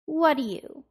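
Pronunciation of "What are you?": In 'what do you', the t at the end of 'what' is dropped, and only the d of 'do' is heard.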